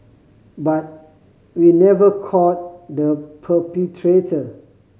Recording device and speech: mobile phone (Samsung C5010), read sentence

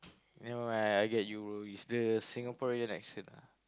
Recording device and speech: close-talking microphone, conversation in the same room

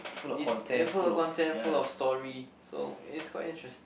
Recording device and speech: boundary microphone, conversation in the same room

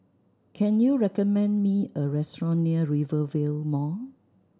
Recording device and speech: standing microphone (AKG C214), read sentence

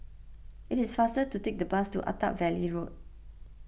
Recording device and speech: boundary microphone (BM630), read sentence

